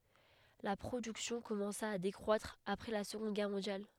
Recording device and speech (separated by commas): headset microphone, read sentence